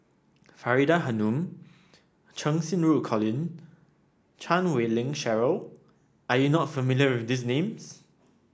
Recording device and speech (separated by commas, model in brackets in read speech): standing microphone (AKG C214), read sentence